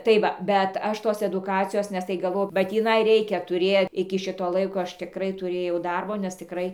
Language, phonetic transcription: Lithuanian, tai ˈva bet ˈaš ˈtos eduˈkacijos nes tai gaˈvau ba tįˈnai ˈreikia tuˈrė iki ˈšito ˈlaiko ˈaš tiˈkrai tuˈrėjau ˈdarbo nes tiˈkrai

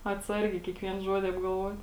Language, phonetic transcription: Lithuanian, atˈsargiai kiekˈvien ˈžuodi apgalˈvuot'

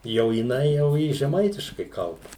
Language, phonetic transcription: Lithuanian, jau jiˈnai jau ˈji žeˈmaitiškai ˈkalba

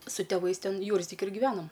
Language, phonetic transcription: Lithuanian, su tėˈvais ˈten ˈjūrzdiki giˈvenom

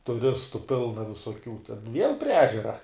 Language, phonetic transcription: Lithuanian, tuˈristu ˈpilna visoˈkių viel prie ˈežera

